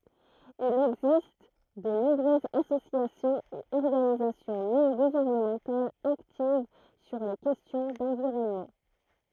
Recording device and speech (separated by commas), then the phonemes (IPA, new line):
throat microphone, read sentence
il ɛɡzist də nɔ̃bʁøzz asosjasjɔ̃z e ɔʁɡanizasjɔ̃ nɔ̃ ɡuvɛʁnəmɑ̃talz aktiv syʁ le kɛstjɔ̃ dɑ̃viʁɔnmɑ̃